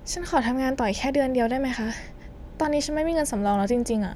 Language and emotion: Thai, frustrated